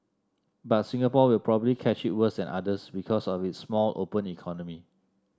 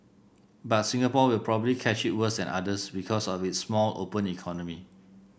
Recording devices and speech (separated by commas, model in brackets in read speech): standing microphone (AKG C214), boundary microphone (BM630), read sentence